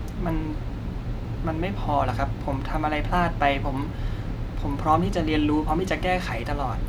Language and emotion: Thai, frustrated